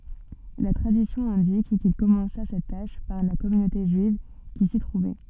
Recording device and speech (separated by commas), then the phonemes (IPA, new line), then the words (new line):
soft in-ear microphone, read sentence
la tʁadisjɔ̃ ɛ̃dik kil kɔmɑ̃sa sɛt taʃ paʁ la kɔmynote ʒyiv ki si tʁuvɛ
La tradition indique qu’il commença cette tâche par la communauté juive qui s’y trouvait.